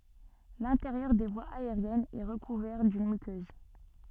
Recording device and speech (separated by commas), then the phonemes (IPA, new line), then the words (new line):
soft in-ear microphone, read sentence
lɛ̃teʁjœʁ de vwaz aeʁjɛnz ɛ ʁəkuvɛʁ dyn mykøz
L'intérieur des voies aériennes est recouvert d'une muqueuse.